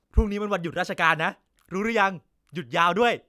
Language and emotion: Thai, happy